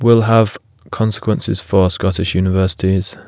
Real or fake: real